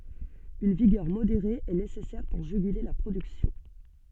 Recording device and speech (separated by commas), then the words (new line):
soft in-ear microphone, read sentence
Une vigueur modérée est nécessaire pour juguler la production.